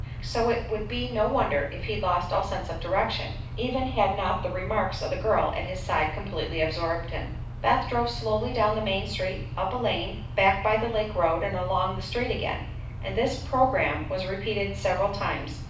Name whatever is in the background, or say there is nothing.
Nothing.